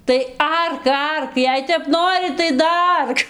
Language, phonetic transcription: Lithuanian, tai ˈark ˈark ˈjei tep ˈnori tai daˈark

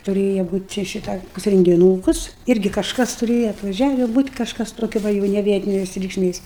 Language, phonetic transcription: Lithuanian, tuˈrėja ˈbūt' čia ˈšitą rengiˈnūkus ˈirgi kažˈkas tuˈrėja atvaˈžiavi būt' kažˈkas toˈkia ˈva jau ne ˈvietinės reikšˈmės

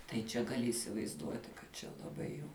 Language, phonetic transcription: Lithuanian, tai ˈčia gaˈli įsivaizˈduoti kad ˈčia laˈbai jau

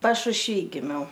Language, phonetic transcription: Lithuanian, pašušˈvy giˈmiau

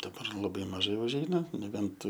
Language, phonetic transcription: Lithuanian, daˈbar laˈbai maˈžai užˈeina neˈbent

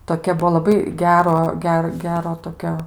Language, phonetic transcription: Lithuanian, toˈkia ˈbuvo laˈbai ˈgero ˈger ˈgero toˈkio

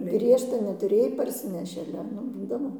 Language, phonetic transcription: Lithuanian, ˈgriežta netuˈrėj parˈsineši aˈle ˈnu ˈbūdavo

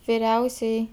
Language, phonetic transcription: Lithuanian, viˈriausiajai

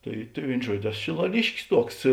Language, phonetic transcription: Lithuanian, ˈtai tai ˈvėin ˈžuodio ˈeˌso šilaˈliškis ˈtuoks

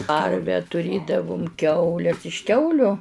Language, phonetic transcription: Lithuanian, ˈkarve tuˈrėdavum ˈkiaules iš ˈkiauliu

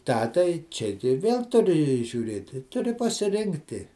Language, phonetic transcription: Lithuanian, ˈtą tai ˈčia tai ˈvėl tuˈri žiūˈrėti tuˈri pasiˈrinkti

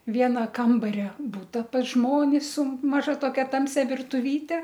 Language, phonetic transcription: Lithuanian, ˈviena ˈkambaria ˈbuta pas ˈžmonis su maˈža toˈkia ˈtamsia virtuˈvyte

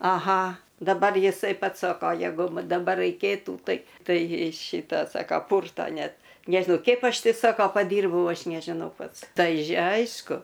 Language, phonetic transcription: Lithuanian, aˈha daˈbar jiˈsai ˈpats ˈsoko jeˈgu ˈma daˈbar raiˈkėtų ˈtai ˈtai ˈšyta ˈsaka ˈpurto ˈnet ˈnežinau ˈkeip ˈaš ˈti ˈsoko paˈdyrbau ˈaš nežiˈnau ˈpats ˈtai ˈaišku

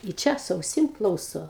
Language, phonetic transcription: Lithuanian, i ˈčia su auˈsim ˈklauso

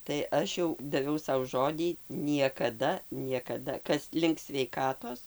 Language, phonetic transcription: Lithuanian, tai ˈaš jau daˈviau ˈsau ˈžodį niekaˈda niekaˈda ˈkas link sveiˈkatos

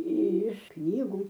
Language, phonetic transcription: Lithuanian, iš ˈknygu

